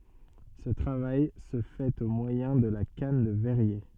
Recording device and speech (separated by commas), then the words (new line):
soft in-ear microphone, read sentence
Ce travail se fait au moyen de la canne de verrier.